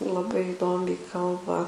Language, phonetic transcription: Lithuanian, laˈbai iˈdomiai ˈkalba

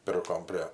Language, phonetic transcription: Lithuanian, ˈpirkom prė

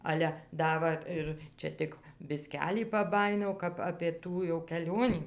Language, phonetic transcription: Lithuanian, ˈale ˈda va ˈir ˈčia tik biˈskelį paˈbajinau kap apė ˈtų jau keˈlionį

